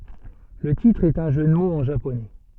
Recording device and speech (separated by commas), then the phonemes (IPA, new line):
soft in-ear microphone, read sentence
lə titʁ ɛt œ̃ ʒø də moz ɑ̃ ʒaponɛ